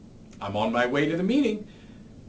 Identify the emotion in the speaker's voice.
happy